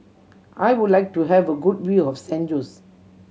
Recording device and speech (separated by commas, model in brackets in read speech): mobile phone (Samsung C7100), read sentence